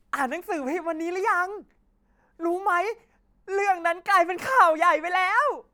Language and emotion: Thai, happy